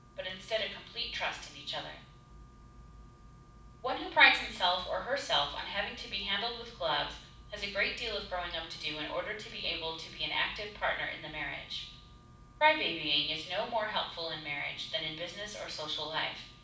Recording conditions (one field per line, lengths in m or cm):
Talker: one person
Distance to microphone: 5.8 m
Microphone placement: far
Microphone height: 1.8 m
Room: medium-sized (5.7 m by 4.0 m)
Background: none